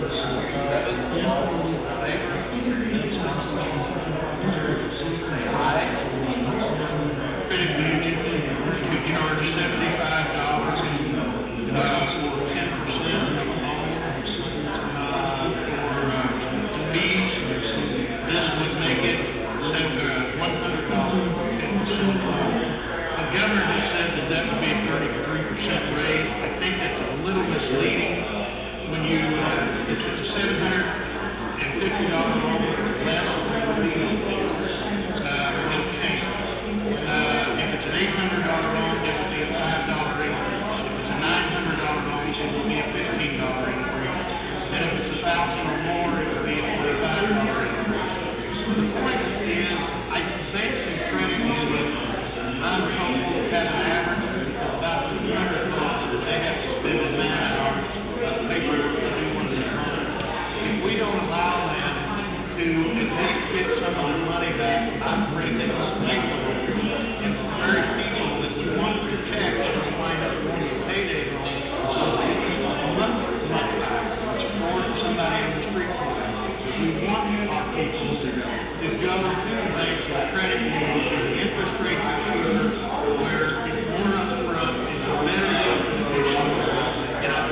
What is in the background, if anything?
Crowd babble.